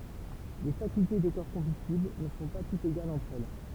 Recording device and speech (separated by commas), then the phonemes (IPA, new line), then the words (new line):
temple vibration pickup, read sentence
le fakylte de kɔʁ kɔ̃bystibl nə sɔ̃ pa tutz eɡalz ɑ̃tʁ ɛl
Les facultés des corps combustibles ne sont pas toutes égales entre elles.